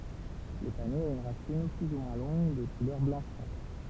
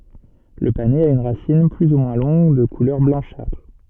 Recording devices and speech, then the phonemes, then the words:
temple vibration pickup, soft in-ear microphone, read sentence
lə panɛz a yn ʁasin ply u mwɛ̃ lɔ̃ɡ də kulœʁ blɑ̃ʃatʁ
Le panais a une racine plus ou moins longue, de couleur blanchâtre.

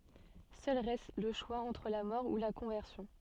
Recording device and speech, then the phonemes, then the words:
soft in-ear microphone, read sentence
sœl ʁɛst lə ʃwa ɑ̃tʁ la mɔʁ u la kɔ̃vɛʁsjɔ̃
Seul reste le choix entre la mort ou la conversion.

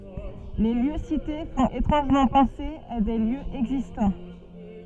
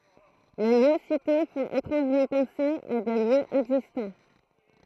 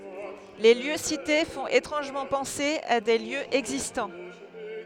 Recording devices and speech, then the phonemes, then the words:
soft in-ear microphone, throat microphone, headset microphone, read sentence
le ljø site fɔ̃t etʁɑ̃ʒmɑ̃ pɑ̃se a de ljøz ɛɡzistɑ̃
Les lieux cités font étrangement penser à des lieux existants.

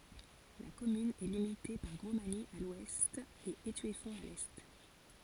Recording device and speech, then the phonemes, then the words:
forehead accelerometer, read sentence
la kɔmyn ɛ limite paʁ ɡʁɔsmaɲi a lwɛst e etyɛfɔ̃t a lɛ
La commune est limitée par Grosmagny à l'ouest et Étueffont à l'est.

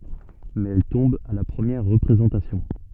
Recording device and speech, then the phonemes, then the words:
soft in-ear microphone, read sentence
mɛz ɛl tɔ̃b a la pʁəmjɛʁ ʁəpʁezɑ̃tasjɔ̃
Mais elle tombe à la première représentation.

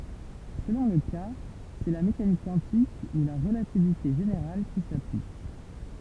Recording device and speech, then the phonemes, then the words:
temple vibration pickup, read sentence
səlɔ̃ lə ka sɛ la mekanik kwɑ̃tik u la ʁəlativite ʒeneʁal ki saplik
Selon le cas, c'est la mécanique quantique ou la relativité générale qui s'applique.

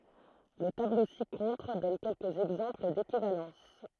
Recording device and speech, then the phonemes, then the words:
throat microphone, read sentence
lə tablo si kɔ̃tʁ dɔn kɛlkəz ɛɡzɑ̃pl dekivalɑ̃s
Le tableau ci-contre donne quelques exemples d'équivalences.

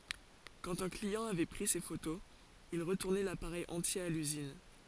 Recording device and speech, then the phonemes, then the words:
forehead accelerometer, read sentence
kɑ̃t œ̃ kliɑ̃ avɛ pʁi se fotoz il ʁətuʁnɛ lapaʁɛj ɑ̃tje a lyzin
Quand un client avait pris ses photos, il retournait l'appareil entier à l'usine.

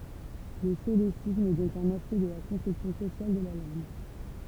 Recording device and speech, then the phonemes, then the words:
temple vibration pickup, read sentence
lə solesism ɛ dɔ̃k œ̃n aspɛkt də la kɔ̃sɛpsjɔ̃ sosjal də la lɑ̃ɡ
Le solécisme est donc un aspect de la conception sociale de la langue.

